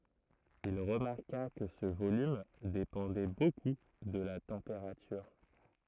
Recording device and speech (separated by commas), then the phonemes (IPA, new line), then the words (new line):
throat microphone, read sentence
il ʁəmaʁka kə sə volym depɑ̃dɛ boku də la tɑ̃peʁatyʁ
Il remarqua que ce volume dépendait beaucoup de la température.